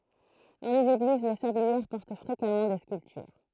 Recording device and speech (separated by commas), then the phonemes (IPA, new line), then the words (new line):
throat microphone, read sentence
dɑ̃ lez eɡliz le sabliɛʁ pɔʁt fʁekamɑ̃ de skyltyʁ
Dans les églises, les sablières portent fréquemment des sculptures.